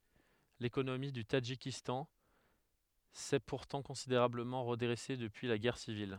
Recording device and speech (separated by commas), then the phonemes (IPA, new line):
headset microphone, read sentence
lekonomi dy tadʒikistɑ̃ sɛ puʁtɑ̃ kɔ̃sideʁabləmɑ̃ ʁədʁɛse dəpyi la ɡɛʁ sivil